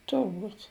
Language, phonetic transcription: Lithuanian, turˈbūt'

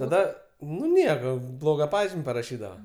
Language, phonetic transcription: Lithuanian, taˈda nu ˈnieko ˈbloga ˈpažim' paraˈšydava

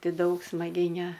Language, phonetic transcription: Lithuanian, ˈti ˈdaug smaˈgiai ne

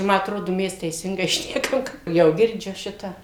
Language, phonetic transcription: Lithuanian, ˈma atˈrodu ˈmes teiˈsingai ˈšnekam ˈjau girˈdžiu ˈšitą

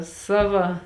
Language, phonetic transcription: Lithuanian, ˈsava

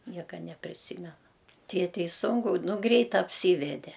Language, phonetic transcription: Lithuanian, ˈnieka nepriˈsymena ˈtėtei ˈsunku ˈnu ˈgreit apˈsyvede

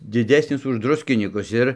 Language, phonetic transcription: Lithuanian, diˈdesnis už ˈdruskinykus ˈir

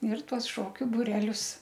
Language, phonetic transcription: Lithuanian, ir ˈtuos ˈšokiu buˈrelius

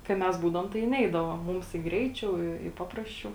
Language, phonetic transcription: Lithuanian, kai ˈmes ˈbūdavom tai ˈneidavo ˈmums i ˈgreiˌčiau i i ˈpaprasˌčiau

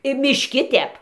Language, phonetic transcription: Lithuanian, i mišˈki ˈtep

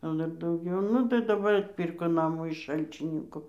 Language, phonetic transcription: Lithuanian, jau ˈdar dauˈgiau ˈnu tai daˈbar atˈpyrko ˈnamų iš ˈšalčininku

